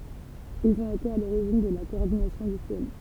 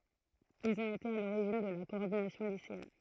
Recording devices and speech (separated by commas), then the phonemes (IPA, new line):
temple vibration pickup, throat microphone, read sentence
ilz ɔ̃t ete a loʁiʒin də la kɔɔʁdinasjɔ̃ liseɛn